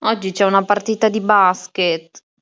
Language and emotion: Italian, sad